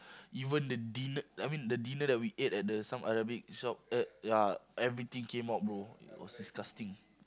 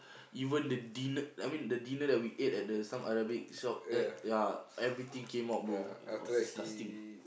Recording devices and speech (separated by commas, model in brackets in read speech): close-talking microphone, boundary microphone, conversation in the same room